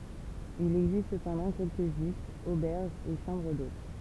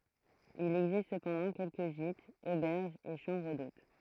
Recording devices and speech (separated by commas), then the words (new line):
temple vibration pickup, throat microphone, read sentence
Il existe cependant quelques gîtes, auberges et chambres d'hôtes.